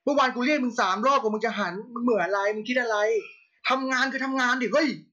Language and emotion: Thai, angry